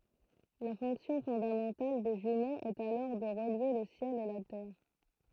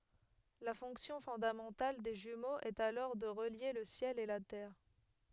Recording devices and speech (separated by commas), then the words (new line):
throat microphone, headset microphone, read sentence
La fonction fondamentale des jumeaux est alors de relier le ciel et la terre.